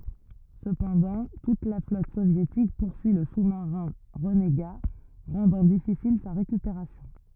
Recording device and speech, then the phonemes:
rigid in-ear microphone, read sentence
səpɑ̃dɑ̃ tut la flɔt sovjetik puʁsyi lə su maʁɛ̃ ʁəneɡa ʁɑ̃dɑ̃ difisil sa ʁekypeʁasjɔ̃

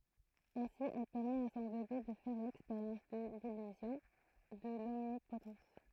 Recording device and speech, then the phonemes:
throat microphone, read sentence
ɛ̃si ɛl pɛʁmɛt a sɔ̃ bebe də fɛʁ lɛkspeʁjɑ̃s də lilyzjɔ̃ də lɔmnipotɑ̃s

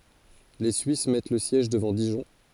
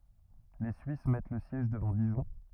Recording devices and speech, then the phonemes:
forehead accelerometer, rigid in-ear microphone, read sentence
le syis mɛt lə sjɛʒ dəvɑ̃ diʒɔ̃

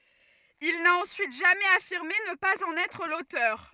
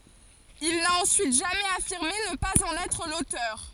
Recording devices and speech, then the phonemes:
rigid in-ear microphone, forehead accelerometer, read sentence
il na ɑ̃syit ʒamɛz afiʁme nə paz ɑ̃n ɛtʁ lotœʁ

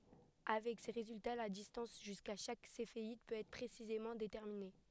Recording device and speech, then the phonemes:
headset microphone, read sentence
avɛk se ʁezylta la distɑ̃s ʒyska ʃak sefeid pøt ɛtʁ pʁesizemɑ̃ detɛʁmine

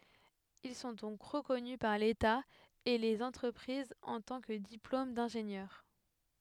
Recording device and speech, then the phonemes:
headset microphone, read sentence
il sɔ̃ dɔ̃k ʁəkɔny paʁ leta e lez ɑ̃tʁəpʁizz ɑ̃ tɑ̃ kə diplom dɛ̃ʒenjœʁ

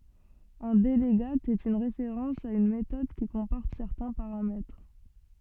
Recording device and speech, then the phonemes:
soft in-ear microphone, read sentence
œ̃ dəlɡat ɛt yn ʁefeʁɑ̃s a yn metɔd ki kɔ̃pɔʁt sɛʁtɛ̃ paʁamɛtʁ

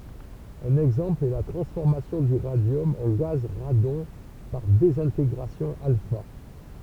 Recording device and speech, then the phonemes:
temple vibration pickup, read sentence
œ̃n ɛɡzɑ̃pl ɛ la tʁɑ̃sfɔʁmasjɔ̃ dy ʁadjɔm ɑ̃ ɡaz ʁadɔ̃ paʁ dezɛ̃teɡʁasjɔ̃ alfa

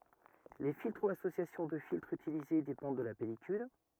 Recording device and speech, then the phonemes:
rigid in-ear microphone, read sentence
le filtʁ u asosjasjɔ̃ də filtʁz ytilize depɑ̃d də la pɛlikyl

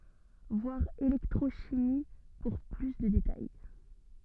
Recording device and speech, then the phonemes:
soft in-ear microphone, read sentence
vwaʁ elɛktʁoʃimi puʁ ply də detaj

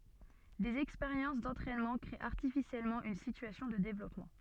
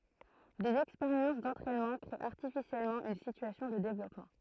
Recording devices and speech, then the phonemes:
soft in-ear microphone, throat microphone, read sentence
dez ɛkspeʁjɑ̃s dɑ̃tʁɛnmɑ̃ kʁee aʁtifisjɛlmɑ̃ yn sityasjɔ̃ də devlɔpmɑ̃

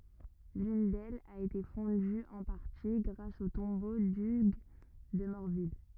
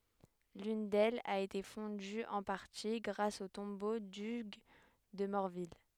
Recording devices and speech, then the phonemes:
rigid in-ear microphone, headset microphone, read sentence
lyn dɛlz a ete fɔ̃dy ɑ̃ paʁti ɡʁas o tɔ̃bo dyɡ də mɔʁvil

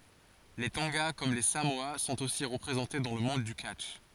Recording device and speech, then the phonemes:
forehead accelerometer, read sentence
le tɔ̃ɡa kɔm le samoa sɔ̃t osi ʁəpʁezɑ̃te dɑ̃ lə mɔ̃d dy katʃ

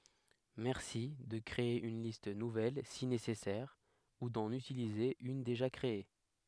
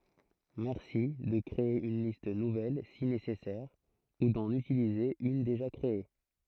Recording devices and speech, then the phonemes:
headset microphone, throat microphone, read sentence
mɛʁsi də kʁee yn list nuvɛl si nesɛsɛʁ u dɑ̃n ytilize yn deʒa kʁee

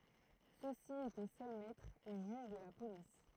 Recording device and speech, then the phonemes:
throat microphone, read sentence
sø si etɛ sœl mɛtʁz e ʒyʒ də la polis

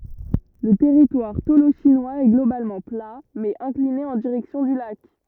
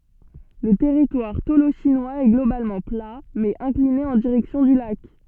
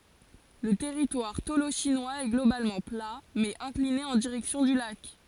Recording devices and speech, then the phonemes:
rigid in-ear microphone, soft in-ear microphone, forehead accelerometer, read sentence
lə tɛʁitwaʁ toloʃinwaz ɛ ɡlobalmɑ̃ pla mɛz ɛ̃kline ɑ̃ diʁɛksjɔ̃ dy lak

